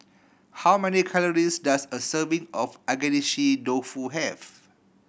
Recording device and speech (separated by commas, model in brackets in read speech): boundary microphone (BM630), read sentence